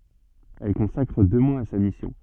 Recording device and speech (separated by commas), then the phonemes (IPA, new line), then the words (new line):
soft in-ear microphone, read sentence
ɛl kɔ̃sakʁ dø mwaz a sa misjɔ̃
Elle consacre deux mois à sa mission.